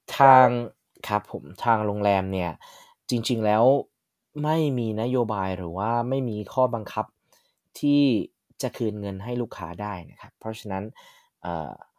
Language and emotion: Thai, frustrated